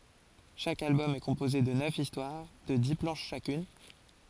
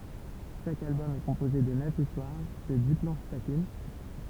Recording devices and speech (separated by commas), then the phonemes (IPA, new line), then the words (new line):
forehead accelerometer, temple vibration pickup, read sentence
ʃak albɔm ɛ kɔ̃poze də nœf istwaʁ də di plɑ̃ʃ ʃakyn
Chaque album est composé de neuf histoires de dix planches chacune.